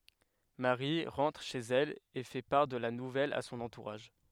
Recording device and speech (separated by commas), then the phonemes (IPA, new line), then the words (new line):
headset microphone, read sentence
maʁi ʁɑ̃tʁ ʃez ɛl e fɛ paʁ də la nuvɛl a sɔ̃n ɑ̃tuʁaʒ
Marie rentre chez elle et fait part de la nouvelle à son entourage.